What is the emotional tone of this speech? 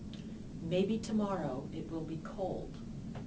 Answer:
neutral